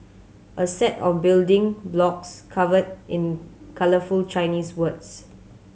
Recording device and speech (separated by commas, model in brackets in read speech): mobile phone (Samsung C7100), read sentence